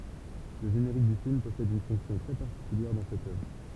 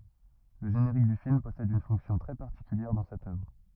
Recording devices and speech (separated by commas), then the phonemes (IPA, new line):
temple vibration pickup, rigid in-ear microphone, read sentence
lə ʒeneʁik dy film pɔsɛd yn fɔ̃ksjɔ̃ tʁɛ paʁtikyljɛʁ dɑ̃ sɛt œvʁ